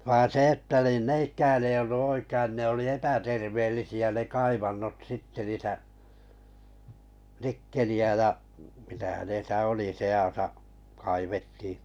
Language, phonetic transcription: Finnish, vaan̬ 'se 'että nin 'n ‿eikään ei ollu 'oikəⁱn ne oli 'epäterveellisi₍ä ne 'kaivannot 'sitte niitä , 'nikkeli₍ä ja , mitä hänesä 'oli 'se₍asa , kaivettii .
- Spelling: vaan se että niin ne eikähän ei ollut oikein ne oli epäterveellisiä ne kaivannot sitten niitä nikkeliä ja mitä hänessä oli seassa kaivettiin

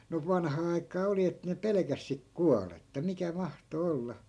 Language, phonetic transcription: Finnish, no 'vanhaa ai̮k̆kaa 'oli et ne 'pelᵉkäs sik "kualetta 'mikä 'mahto 'olla .
- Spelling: no vanhaan aikaan oli että ne pelkäsi sitten kuollutta mikä mahtoi olla

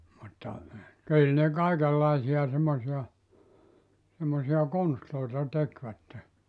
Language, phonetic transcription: Finnish, mutta , 'kyl ne 'kaikellaisi₍a semmosi₍a , semmosi₍a 'konstloita 'tekvätte .
- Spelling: mutta kyllä ne kaikenlaisia semmoisia semmoisia konsteja tekivät

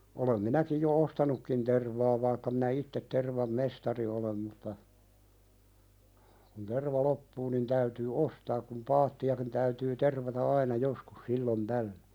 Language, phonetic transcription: Finnish, olem 'minäkij jo "ostanukkin tervaa vaikka minä 'ittet tervam mestari olem mutta , kun "terva 'loppuu nin 'täytyy "ostaak kum 'paatti₍akin täytyy tervata "aina 'joskus "sillon 'tällö .
- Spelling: olen minäkin jo ostanutkin tervaa vaikka minä itse tervan mestari olen mutta kun terva loppuu niin täytyy ostaa kun paattiakin täytyy tervata aina joskus silloin tällöin

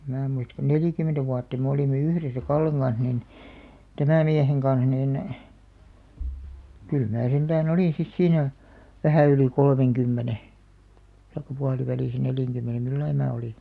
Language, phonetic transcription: Finnish, ᵉm 'mää muist ko "nelìkymentä 'vuatta me olìme "yhresä "Kalleŋ ɢan̬s nin , "tämä̀ 'mieheŋ ɢan̬s 'niin , kyl 'mää 'sentään "olìn̬ sis 'siinä , 'vähä̀ yli "kolmeŋkymmene , taikka 'pualivälìsä neljäŋkymmene 'millai mää oli .
- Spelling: en minä muista kun neljäkymmentä vuotta me olimme yhdessä Kallen kanssa niin tämän miehen kanssa niin kyllä minä sentään olin sitten siinä vähän yli kolmenkymmenen tai puolivälissä neljänkymmenen millä lailla minä olin

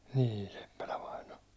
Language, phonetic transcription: Finnish, niin̬ Seppälä vaino .
- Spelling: niin Seppälä vainaja

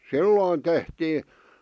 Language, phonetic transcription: Finnish, silloon tehtii ,.
- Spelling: silloin tehtiin

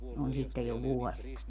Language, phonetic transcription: Finnish, 'on sittej jo "vuɔs(ia) .
- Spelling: on sitten jo vuosia

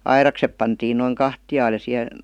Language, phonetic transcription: Finnish, airaksep pantiin noiŋ 'kahtiʲaal ja siʰe ,.
- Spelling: aidakset pantiin noin kahtialle ja siihen

